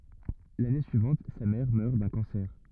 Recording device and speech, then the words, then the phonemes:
rigid in-ear microphone, read sentence
L’année suivante, sa mère meurt d’un cancer.
lane syivɑ̃t sa mɛʁ mœʁ dœ̃ kɑ̃sɛʁ

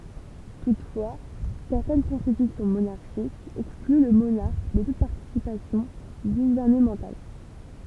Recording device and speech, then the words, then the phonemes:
temple vibration pickup, read sentence
Toutefois, certaines constitutions monarchiques excluent le monarque de toute participation gouvernementale.
tutfwa sɛʁtɛn kɔ̃stitysjɔ̃ monaʁʃikz ɛkskly lə monaʁk də tut paʁtisipasjɔ̃ ɡuvɛʁnəmɑ̃tal

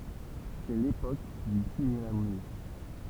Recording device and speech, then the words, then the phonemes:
temple vibration pickup, read sentence
C'est l'époque du cinéma muet.
sɛ lepok dy sinema myɛ

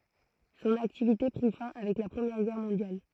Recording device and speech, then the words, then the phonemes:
throat microphone, read sentence
Son activité prit fin avec la Première Guerre Mondiale.
sɔ̃n aktivite pʁi fɛ̃ avɛk la pʁəmjɛʁ ɡɛʁ mɔ̃djal

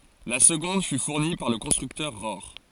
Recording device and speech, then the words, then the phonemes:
forehead accelerometer, read sentence
La seconde fut fournie par le constructeur Rohr.
la səɡɔ̃d fy fuʁni paʁ lə kɔ̃stʁyktœʁ ʁɔʁ

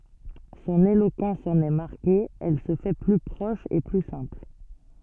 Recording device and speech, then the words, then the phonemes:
soft in-ear microphone, read sentence
Son éloquence en est marquée, elle se fait plus proche et plus simple.
sɔ̃n elokɑ̃s ɑ̃n ɛ maʁke ɛl sə fɛ ply pʁɔʃ e ply sɛ̃pl

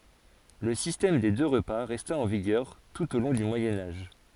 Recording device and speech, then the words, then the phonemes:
forehead accelerometer, read sentence
Le système des deux repas resta en vigueur tout au long du Moyen Âge.
lə sistɛm de dø ʁəpa ʁɛsta ɑ̃ viɡœʁ tut o lɔ̃ dy mwajɛ̃ aʒ

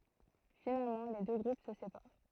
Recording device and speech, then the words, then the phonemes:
throat microphone, read sentence
Finalement les deux groupes se séparent.
finalmɑ̃ le dø ɡʁup sə sepaʁ

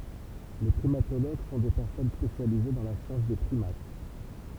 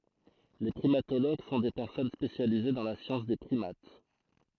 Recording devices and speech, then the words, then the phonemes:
temple vibration pickup, throat microphone, read sentence
Les primatologues sont des personnes spécialisées dans la science des primates.
le pʁimatoloɡ sɔ̃ de pɛʁsɔn spesjalize dɑ̃ la sjɑ̃s de pʁimat

